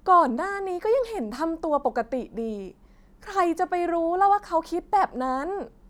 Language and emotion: Thai, angry